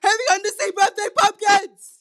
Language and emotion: English, fearful